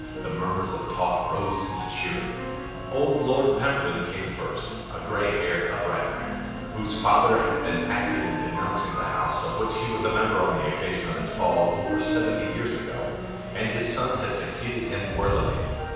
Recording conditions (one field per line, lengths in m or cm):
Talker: one person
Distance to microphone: 7.1 m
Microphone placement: far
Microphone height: 1.7 m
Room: very reverberant, large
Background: music